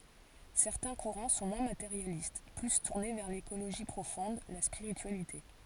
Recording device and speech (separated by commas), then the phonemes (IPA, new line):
forehead accelerometer, read sentence
sɛʁtɛ̃ kuʁɑ̃ sɔ̃ mwɛ̃ mateʁjalist ply tuʁne vɛʁ lekoloʒi pʁofɔ̃d la spiʁityalite